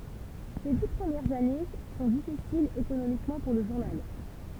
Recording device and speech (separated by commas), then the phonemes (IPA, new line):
temple vibration pickup, read sentence
se di pʁəmjɛʁz ane sɔ̃ difisilz ekonomikmɑ̃ puʁ lə ʒuʁnal